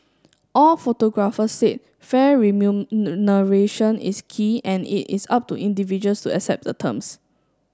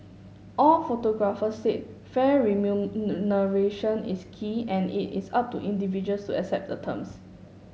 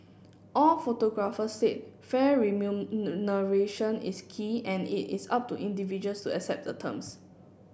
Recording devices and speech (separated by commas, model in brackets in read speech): standing microphone (AKG C214), mobile phone (Samsung S8), boundary microphone (BM630), read sentence